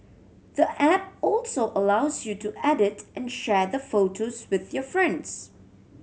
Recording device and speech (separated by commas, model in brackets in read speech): mobile phone (Samsung C7100), read sentence